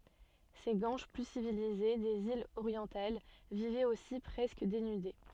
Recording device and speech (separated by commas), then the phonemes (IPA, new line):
soft in-ear microphone, read sentence
se ɡwanʃ ply sivilize dez ilz oʁjɑ̃tal vivɛt osi pʁɛskə denyde